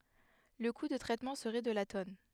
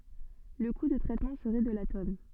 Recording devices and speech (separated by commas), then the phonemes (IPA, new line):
headset microphone, soft in-ear microphone, read sentence
lə ku də tʁɛtmɑ̃ səʁɛ də la tɔn